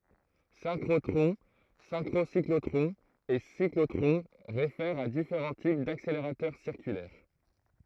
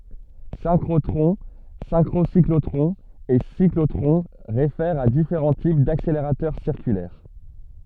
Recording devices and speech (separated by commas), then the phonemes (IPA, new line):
throat microphone, soft in-ear microphone, read sentence
sɛ̃kʁotʁɔ̃ sɛ̃kʁosiklotʁɔ̃z e siklotʁɔ̃ ʁefɛʁt a difeʁɑ̃ tip dakseleʁatœʁ siʁkylɛʁ